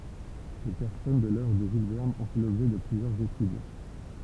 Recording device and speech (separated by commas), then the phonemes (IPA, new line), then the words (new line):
temple vibration pickup, read sentence
le pɛʁsɔnaʒ də lœvʁ də ʒyl vɛʁn ɔ̃ fɛ lɔbʒɛ də plyzjœʁz etyd
Les personnages de l’œuvre de Jules Verne ont fait l'objet de plusieurs études.